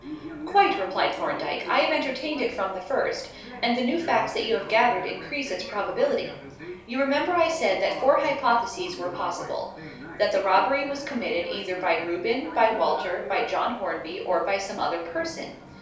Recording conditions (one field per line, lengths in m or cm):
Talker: one person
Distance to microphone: 3.0 m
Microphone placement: far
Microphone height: 1.8 m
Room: small (3.7 m by 2.7 m)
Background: television